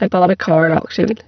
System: VC, spectral filtering